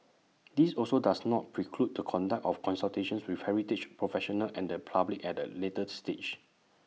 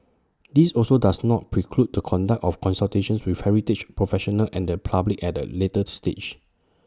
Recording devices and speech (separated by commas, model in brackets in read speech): mobile phone (iPhone 6), standing microphone (AKG C214), read sentence